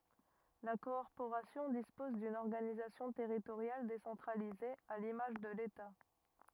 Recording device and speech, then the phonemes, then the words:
rigid in-ear microphone, read sentence
la kɔʁpoʁasjɔ̃ dispɔz dyn ɔʁɡanizasjɔ̃ tɛʁitoʁjal desɑ̃tʁalize a limaʒ də leta
La Corporation dispose d'une organisation territoriale décentralisée, à l'image de l'État.

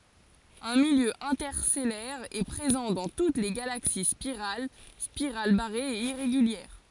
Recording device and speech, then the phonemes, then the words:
forehead accelerometer, read sentence
œ̃ miljø ɛ̃tɛʁstɛlɛʁ ɛ pʁezɑ̃ dɑ̃ tut le ɡalaksi spiʁal spiʁal baʁez e iʁeɡyljɛʁ
Un milieu interstellaire est présent dans toutes les galaxies spirales, spirales barrées et irrégulières.

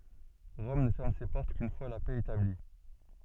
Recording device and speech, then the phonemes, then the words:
soft in-ear microphone, read sentence
ʁɔm nə fɛʁm se pɔʁt kyn fwa la pɛ etabli
Rome ne ferme ses portes qu'une fois la paix établie.

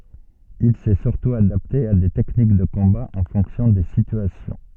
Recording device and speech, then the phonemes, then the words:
soft in-ear microphone, read sentence
il sɛ syʁtu adapte a de tɛknik də kɔ̃ba ɑ̃ fɔ̃ksjɔ̃ de sityasjɔ̃
Il s'est surtout adapté à des techniques de combat en fonction des situations.

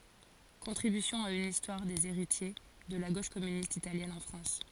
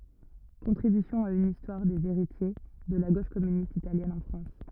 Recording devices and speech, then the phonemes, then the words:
forehead accelerometer, rigid in-ear microphone, read sentence
kɔ̃tʁibysjɔ̃ a yn istwaʁ dez eʁitje də la ɡoʃ kɔmynist italjɛn ɑ̃ fʁɑ̃s
Contribution à une histoire des héritiers de la Gauche communiste italienne en France.

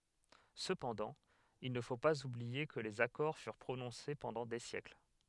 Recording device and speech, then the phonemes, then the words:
headset microphone, read sentence
səpɑ̃dɑ̃ il nə fo paz ublie kə lez akɔʁ fyʁ pʁonɔ̃se pɑ̃dɑ̃ de sjɛkl
Cependant, il ne faut pas oublier que les accords furent prononcés pendant des siècles.

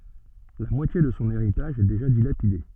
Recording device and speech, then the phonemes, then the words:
soft in-ear microphone, read sentence
la mwatje də sɔ̃ eʁitaʒ ɛ deʒa dilapide
La moitié de son héritage est déjà dilapidée.

